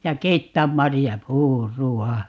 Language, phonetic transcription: Finnish, ja 'keittääm "marija"puu"ru₍"a .
- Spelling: ja keittää marjapuuroa

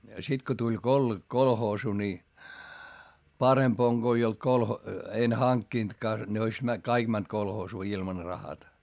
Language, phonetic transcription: Finnish, sit ko tuĺ kol- , kolhoosu ni , paremp ‿oŋ Go ei olt kolho- , en haŋkkintkaa , ne ois mä- , kaik mänt kolhoosuu ilman rahata .
- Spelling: sitten kun tuli - kolhoosi niin parempi on kun ei ollut - en hankkinutkaan ne olisi - kaikki mennyt kolhoosiin ilman rahatta

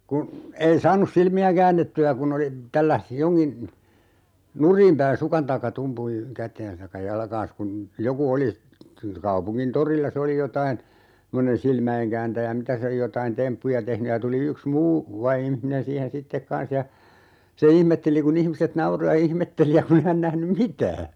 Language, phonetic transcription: Finnish, 'kun , 'ei "saanus 'silmi₍ä 'käännetty₍ä kun ‿oli , 'tälläs 'joŋkin , "nur̀iim päin "sukan taikka 'tumpuj , 'kät̀een̬s taikka "jalkaa̰s kun , "joku 'oli , 'kaupuŋkin "torilla 'se oli jotain , 'semmonen "silmä₍eŋkääntäjä 'mitä se , 'jotain "temppuja 'tehny ja tuli 'yks "muu , 'vaimihminen 'siihen 'sittek "kaa̰s ja , se 'ihmetteli ku'n ‿ihmiset 'nauro ja "ihmetteli ja ku'n ‿e hän nähnym "mitää !
- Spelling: kun ei saanut silmiä käännettyä kun oli tälläsi jonkin nurin päin sukan tai tumpun käteensä tai jalkaansa kun joku oli kaupungin torilla se oli jotakin semmoinen silmäinkääntäjä mitä se jotakin temppuja tehnyt ja tuli yksi muu vaimoihminen siihen sitten kanssa ja se ihmetteli kun ihmiset nauroi ja ihmetteli ja kun ei hän nähnyt mitään

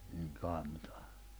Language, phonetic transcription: Finnish, niiŋ 'kàem ᴍᴜttᴀ ,.
- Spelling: niin kai mutta

